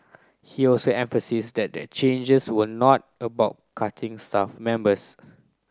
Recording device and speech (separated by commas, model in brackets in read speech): close-talking microphone (WH30), read sentence